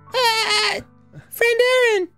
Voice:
Falsetto